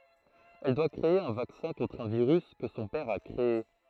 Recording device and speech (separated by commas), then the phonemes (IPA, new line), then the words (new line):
throat microphone, read sentence
ɛl dwa kʁee œ̃ vaksɛ̃ kɔ̃tʁ œ̃ viʁys kə sɔ̃ pɛʁ a kʁee
Elle doit créer un vaccin contre un virus que son père a créé.